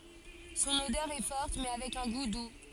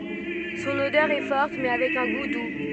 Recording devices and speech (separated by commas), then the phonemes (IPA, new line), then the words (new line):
forehead accelerometer, soft in-ear microphone, read sentence
sɔ̃n odœʁ ɛ fɔʁt mɛ avɛk œ̃ ɡu du
Son odeur est forte, mais avec un goût doux.